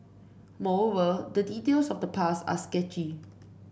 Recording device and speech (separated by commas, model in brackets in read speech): boundary microphone (BM630), read sentence